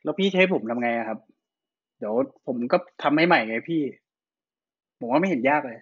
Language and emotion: Thai, frustrated